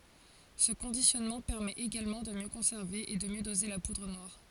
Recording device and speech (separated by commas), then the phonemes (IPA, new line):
forehead accelerometer, read sentence
sə kɔ̃disjɔnmɑ̃ pɛʁmɛt eɡalmɑ̃ də mjø kɔ̃sɛʁve e də mjø doze la pudʁ nwaʁ